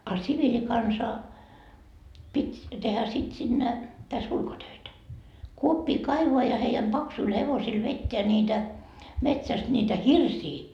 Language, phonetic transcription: Finnish, a 'sivilikansa , 'pit́ , tehä sit sinne , täs 'ulkotöitä , 'kuoppii "kaivoa ja heijäm 'Baksuil hevosil 'vetteä ńiitä , 'metsäst ńiitä "hirsii .
- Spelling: a siviilikansa piti tehdä sitten sinne tässä ulkotöitä kuoppia kaivaa ja heidän paksuilla hevosilla vetää niitä metsästä niitä hirsiä

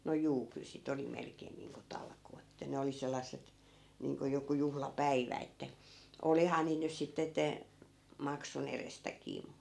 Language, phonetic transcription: Finnish, no 'juu , kyl si't ‿oli 'melkeen niiŋko 'talkoot ‿ᵉttä 'ne oli 'sel̆lasset , 'niiŋko 'joku 'juhla"päivä että , "olihaa niit nys 'sitte ette , 'makson ‿erestäkii mu .
- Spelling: no juu kyllä sitä oli melkein niin kuin talkoot että ne oli sellaiset niin kuin joku juhlapäivä että olihan niitä nyt sitten että maksun edestäkin mutta

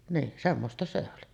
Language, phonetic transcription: Finnish, "niin 'semmosta se oli .
- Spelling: niin semmoista se oli

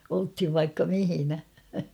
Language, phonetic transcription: Finnish, olthiv vaikka 'mihinä .
- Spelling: oltiin vaikka missä

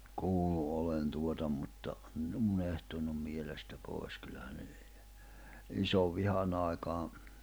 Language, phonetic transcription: Finnish, 'kuullu olen tuota ‿mmutta , (nin ‿o) 'unehtunnum 'mielestä 'pòi̬s kyllähä ne (niitä) , 'isov'vihanⁿ ‿ài̬kaa ,.
- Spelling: kuullut olen tuota mutta niin on unohtunut mielestä pois kyllähän ne niitä isonvihan aikaa

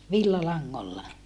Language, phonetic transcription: Finnish, villalaŋŋolla .
- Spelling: villalangoilla

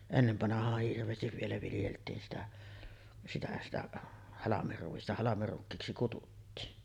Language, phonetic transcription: Finnish, ennevvanahaah 'hirv̀eestiv vielä viljelt̀iin sitä , 'sitä sitä , 'halamerruista , 'halamerrukkiiksi kututtiin .
- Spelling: ennen vanhaan hirveästi vielä viljeltiin sitä sitä sitä halmeruista halmerukiiksi kutsuttiin

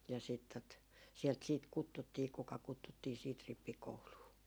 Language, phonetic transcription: Finnish, ja siit tot , 'sielt siit "kuttuttii kuka 'kuttuttii siit 'rippikouluu .
- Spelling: ja sitten tuota sieltä sitten kutsuttiin kuka kutsuttiin sitten rippikouluun

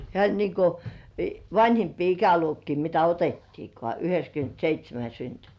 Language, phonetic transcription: Finnish, hĕä̀ oĺ niiŋ ko , "vańhimpii 'ikäluokkii mitä 'otettiikŏà "yhe(k)skyntseit́śemä syntynt .
- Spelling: hän oli niin kuin vanhimpia ikäluokkia mitä otettiinkaan yhdeksänkymmentäseitsemän syntynyt

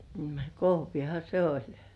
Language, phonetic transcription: Finnish, 'kohviha se "oĺ .
- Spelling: kohvihan se oli

